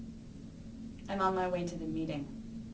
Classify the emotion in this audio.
neutral